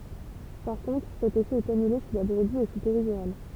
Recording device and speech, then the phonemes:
temple vibration pickup, read sentence
paʁ kɔ̃tʁ sɛt efɛ ɛt anyle si la bʁəbi ɛ su peʁidyʁal

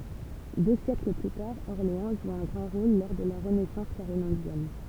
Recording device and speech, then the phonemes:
temple vibration pickup, read sentence
dø sjɛkl ply taʁ ɔʁleɑ̃ ʒu œ̃ ɡʁɑ̃ ʁol lɔʁ də la ʁənɛsɑ̃s kaʁolɛ̃ʒjɛn

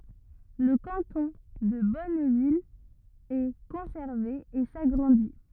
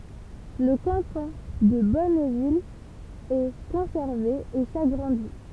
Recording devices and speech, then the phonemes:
rigid in-ear microphone, temple vibration pickup, read sentence
lə kɑ̃tɔ̃ də bɔnvil ɛ kɔ̃sɛʁve e saɡʁɑ̃di

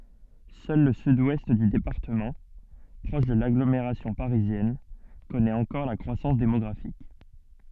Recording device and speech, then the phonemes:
soft in-ear microphone, read sentence
sœl lə syd wɛst dy depaʁtəmɑ̃ pʁɔʃ də laɡlomeʁasjɔ̃ paʁizjɛn kɔnɛt ɑ̃kɔʁ la kʁwasɑ̃s demɔɡʁafik

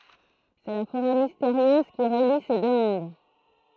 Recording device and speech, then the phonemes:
throat microphone, read sentence
sɛ la foʁɛ misteʁjøz ki ʁəli se dø mɔ̃d

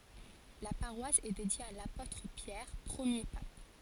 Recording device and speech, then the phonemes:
forehead accelerometer, read sentence
la paʁwas ɛ dedje a lapotʁ pjɛʁ pʁəmje pap

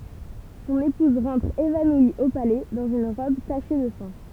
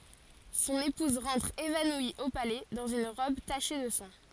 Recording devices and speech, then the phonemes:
temple vibration pickup, forehead accelerometer, read sentence
sɔ̃n epuz ʁɑ̃tʁ evanwi o palɛ dɑ̃z yn ʁɔb taʃe də sɑ̃

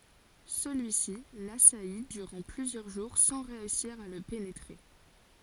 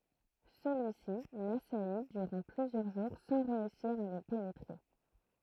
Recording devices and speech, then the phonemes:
forehead accelerometer, throat microphone, read sentence
səlyisi lasaji dyʁɑ̃ plyzjœʁ ʒuʁ sɑ̃ ʁeysiʁ a lə penetʁe

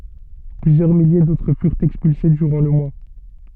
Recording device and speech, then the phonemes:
soft in-ear microphone, read sentence
plyzjœʁ milje dotʁ fyʁt ɛkspylse dyʁɑ̃ lə mwa

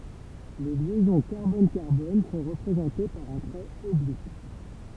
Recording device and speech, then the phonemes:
temple vibration pickup, read sentence
le ljɛzɔ̃ kaʁbɔnkaʁbɔn sɔ̃ ʁəpʁezɑ̃te paʁ œ̃ tʁɛt ɔblik

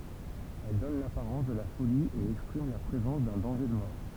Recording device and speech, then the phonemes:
temple vibration pickup, read sentence
ɛl dɔn lapaʁɑ̃s də la foli e ɛkspʁim la pʁezɑ̃s dœ̃ dɑ̃ʒe də mɔʁ

